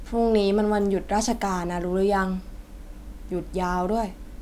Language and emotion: Thai, neutral